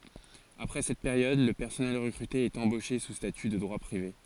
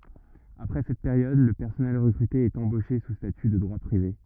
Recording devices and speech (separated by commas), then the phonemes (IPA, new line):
forehead accelerometer, rigid in-ear microphone, read sentence
apʁɛ sɛt peʁjɔd lə pɛʁsɔnɛl ʁəkʁyte ɛt ɑ̃boʃe su staty də dʁwa pʁive